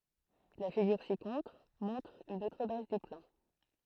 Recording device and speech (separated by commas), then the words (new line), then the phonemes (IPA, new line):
throat microphone, read sentence
La figure ci-contre montre une autre base du plan.
la fiɡyʁ sikɔ̃tʁ mɔ̃tʁ yn otʁ baz dy plɑ̃